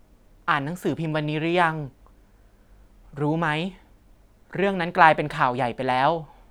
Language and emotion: Thai, neutral